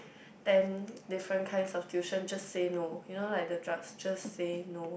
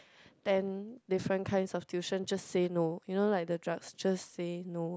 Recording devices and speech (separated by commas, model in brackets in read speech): boundary microphone, close-talking microphone, conversation in the same room